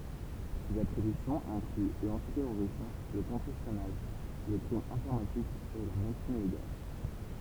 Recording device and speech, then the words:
temple vibration pickup, read sentence
Ses attributions incluent l'antiterrorisme, le contre-espionnage, le crime informatique et la médecine légale.

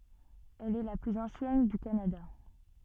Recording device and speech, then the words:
soft in-ear microphone, read sentence
Elle est la plus ancienne du Canada.

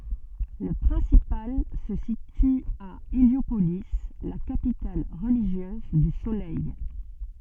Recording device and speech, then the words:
soft in-ear microphone, read sentence
Le principal se situe à Héliopolis, la capitale religieuse du Soleil.

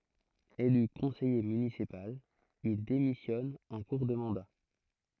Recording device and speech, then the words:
throat microphone, read sentence
Élu conseiller municipal, il démissionne en cours de mandat.

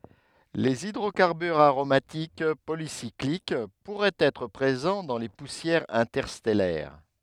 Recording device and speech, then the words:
headset microphone, read sentence
Les hydrocarbures aromatiques polycycliques pourraient être présents dans les poussières interstellaires.

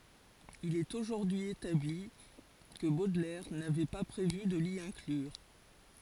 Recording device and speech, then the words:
forehead accelerometer, read sentence
Il est aujourd'hui établi que Baudelaire n'avait pas prévu de l'y inclure.

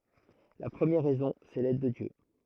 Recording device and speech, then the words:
throat microphone, read sentence
La première raison, c'est l'aide de Dieu.

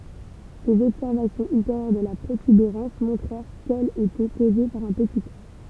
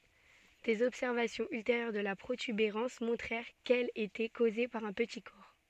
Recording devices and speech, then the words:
temple vibration pickup, soft in-ear microphone, read sentence
Des observations ultérieures de la protubérance montrèrent qu'elle était causée par un petit corps.

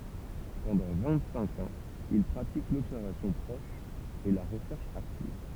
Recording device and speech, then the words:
temple vibration pickup, read sentence
Pendant vingt-cinq ans il pratique l'observation proche et la recherche active.

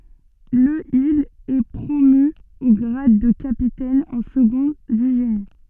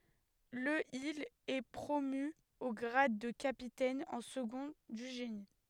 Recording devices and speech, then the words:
soft in-ear microphone, headset microphone, read sentence
Le il est promu au grade de capitaine en second du génie.

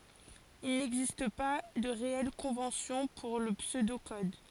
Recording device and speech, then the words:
forehead accelerometer, read sentence
Il n'existe pas de réelle convention pour le pseudo-code.

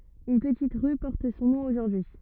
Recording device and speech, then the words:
rigid in-ear microphone, read sentence
Une petite rue porte son nom aujourd'hui.

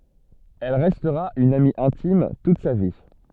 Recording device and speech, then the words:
soft in-ear microphone, read sentence
Elle restera une amie intime toute sa vie.

